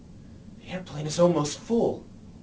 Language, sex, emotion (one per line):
English
male
fearful